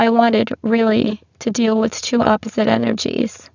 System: VC, spectral filtering